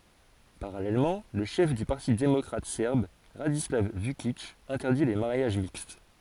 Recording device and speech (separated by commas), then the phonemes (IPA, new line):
forehead accelerometer, read sentence
paʁalɛlmɑ̃ lə ʃɛf dy paʁti demɔkʁatik sɛʁb ʁadislav vykik ɛ̃tɛʁdi le maʁjaʒ mikst